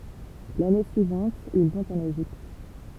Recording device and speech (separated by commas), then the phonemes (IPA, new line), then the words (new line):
temple vibration pickup, read sentence
lane syivɑ̃t il vɔ̃t ɑ̃n eʒipt
L'année suivante, ils vont en Égypte.